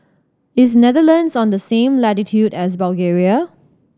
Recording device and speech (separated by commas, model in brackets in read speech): standing microphone (AKG C214), read sentence